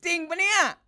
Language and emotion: Thai, happy